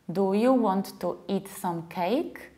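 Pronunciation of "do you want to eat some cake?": In 'do you want to eat some cake?', each word is said separately, with no linking and no reductions, which makes it sound foreign.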